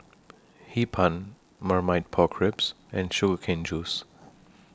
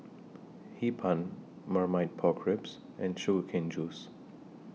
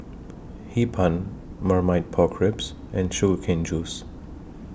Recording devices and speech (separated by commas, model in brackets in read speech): standing microphone (AKG C214), mobile phone (iPhone 6), boundary microphone (BM630), read sentence